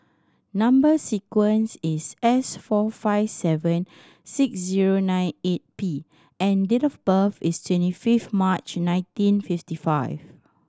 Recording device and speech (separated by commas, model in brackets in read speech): standing microphone (AKG C214), read sentence